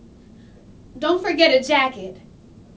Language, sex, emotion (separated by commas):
English, female, neutral